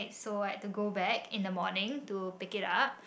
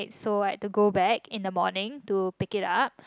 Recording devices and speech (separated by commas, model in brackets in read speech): boundary microphone, close-talking microphone, conversation in the same room